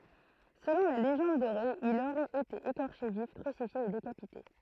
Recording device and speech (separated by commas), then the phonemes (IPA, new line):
throat microphone, read sentence
səlɔ̃ la leʒɑ̃d doʁe il oʁɛt ete ekɔʁʃe vif kʁysifje e dekapite